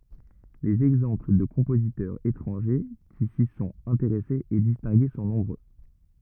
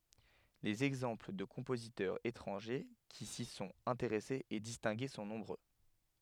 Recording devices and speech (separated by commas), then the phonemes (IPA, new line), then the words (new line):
rigid in-ear microphone, headset microphone, read sentence
lez ɛɡzɑ̃pl də kɔ̃pozitœʁz etʁɑ̃ʒe ki si sɔ̃t ɛ̃teʁɛsez e distɛ̃ɡe sɔ̃ nɔ̃bʁø
Les exemples de compositeurs étrangers qui s'y sont intéressés et distingués sont nombreux.